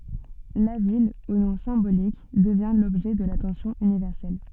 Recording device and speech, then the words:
soft in-ear microphone, read sentence
La ville, au nom symbolique, devient l'objet de l'attention universelle.

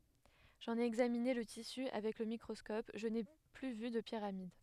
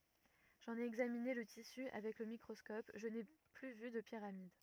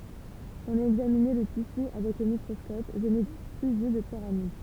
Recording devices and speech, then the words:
headset microphone, rigid in-ear microphone, temple vibration pickup, read sentence
J’en ai examiné le tissu avec le microscope, je n'ai plus vu de pyramides.

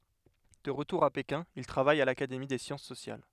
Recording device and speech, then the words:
headset microphone, read sentence
De retour à Pékin, il travaille à l'Académie des Sciences sociales.

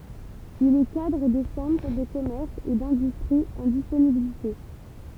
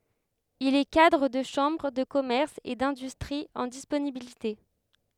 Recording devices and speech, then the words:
temple vibration pickup, headset microphone, read sentence
Il est cadre de chambre de commerce et d'industrie en disponibilité.

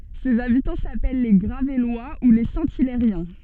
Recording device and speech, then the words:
soft in-ear microphone, read sentence
Ses habitants s'appellent les Gravellois ou les Saint-Hilairiens.

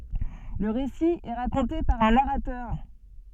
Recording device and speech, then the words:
soft in-ear microphone, read sentence
Le récit est raconté par un narrateur.

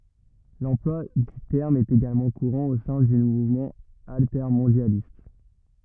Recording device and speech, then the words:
rigid in-ear microphone, read sentence
L'emploi du terme est également courant au sein du mouvement altermondialiste.

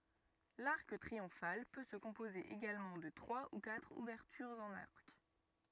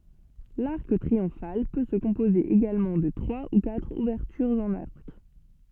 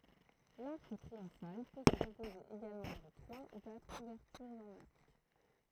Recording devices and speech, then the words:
rigid in-ear microphone, soft in-ear microphone, throat microphone, read sentence
L'arc triomphal peut se composer également de trois ou quatre ouvertures en arc.

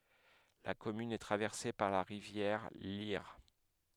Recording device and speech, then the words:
headset microphone, read sentence
La commune est traversée par la rivière l'Yerres.

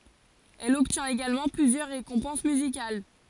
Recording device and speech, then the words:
forehead accelerometer, read sentence
Elle obtient également plusieurs récompenses musicales.

